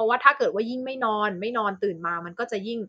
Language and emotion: Thai, neutral